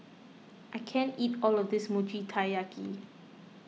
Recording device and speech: mobile phone (iPhone 6), read sentence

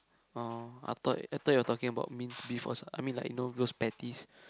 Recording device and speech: close-talking microphone, conversation in the same room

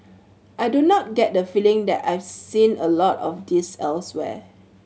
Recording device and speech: mobile phone (Samsung C7100), read sentence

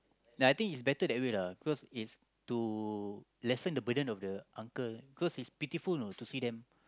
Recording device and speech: close-talking microphone, conversation in the same room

